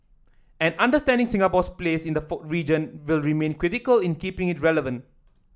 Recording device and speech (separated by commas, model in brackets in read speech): standing microphone (AKG C214), read sentence